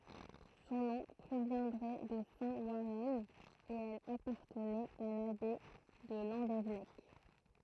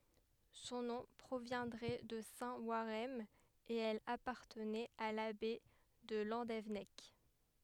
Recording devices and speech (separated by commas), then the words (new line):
throat microphone, headset microphone, read sentence
Son nom proviendrait de saint Warhem et elle appartenait à l'abbaye de Landévennec.